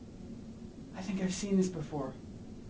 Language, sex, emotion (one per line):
English
male
fearful